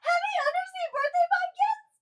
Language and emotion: English, sad